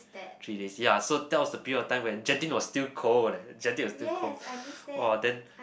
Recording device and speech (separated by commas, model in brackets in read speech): boundary microphone, conversation in the same room